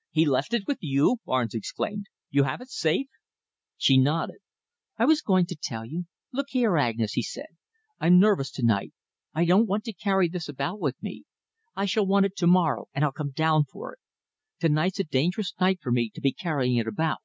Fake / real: real